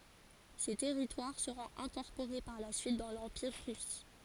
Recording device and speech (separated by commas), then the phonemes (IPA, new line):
forehead accelerometer, read sentence
se tɛʁitwaʁ səʁɔ̃t ɛ̃kɔʁpoʁe paʁ la syit dɑ̃ lɑ̃piʁ ʁys